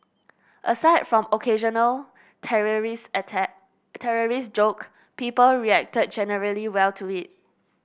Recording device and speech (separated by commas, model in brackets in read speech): boundary microphone (BM630), read sentence